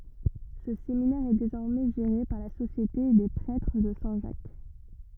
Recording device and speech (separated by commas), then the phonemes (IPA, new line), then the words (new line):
rigid in-ear microphone, read sentence
sə seminɛʁ ɛ dezɔʁmɛ ʒeʁe paʁ la sosjete de pʁɛtʁ də sɛ̃ ʒak
Ce séminaire est désormais géré par la Société des Prêtres de Saint-Jacques.